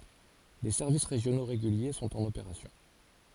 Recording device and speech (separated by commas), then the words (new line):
forehead accelerometer, read sentence
Des services régionaux réguliers sont en opération.